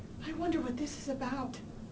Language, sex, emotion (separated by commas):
English, female, fearful